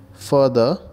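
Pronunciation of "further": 'further' is pronounced correctly here.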